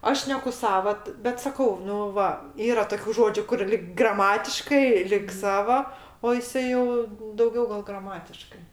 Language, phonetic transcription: Lithuanian, ˈaš ˈšneku ˈsava t bet saˈkau ˈnu ˈva ˈyra toˈkių ˈžodžių kur lig graˈmatiškai lig ˈsavo o jiˈsai jau dauˈgiau gal graˈmatiškai

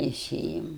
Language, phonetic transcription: Lithuanian, teiˈsėjam

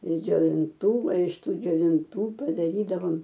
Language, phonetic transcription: Lithuanian, ir džiovinˈtų o iš ˈtų džiovinˈtų padaˈrydavom

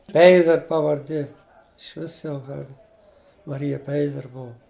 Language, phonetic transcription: Lithuanian, ˈpeizer pavarˈdė išˈvis jau ˈar maˈrija ˈpeizer ˈbuvu

